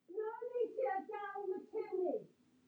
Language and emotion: English, fearful